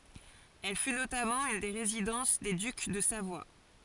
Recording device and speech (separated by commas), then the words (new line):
forehead accelerometer, read sentence
Elle fut notamment une des résidences des ducs de Savoie.